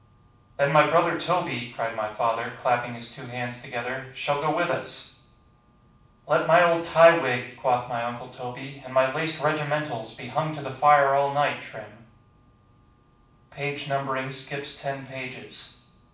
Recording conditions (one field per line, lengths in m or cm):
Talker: one person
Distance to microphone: 5.8 m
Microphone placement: far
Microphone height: 1.8 m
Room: medium-sized (5.7 m by 4.0 m)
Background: none